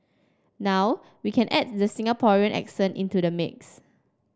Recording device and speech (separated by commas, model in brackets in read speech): standing microphone (AKG C214), read sentence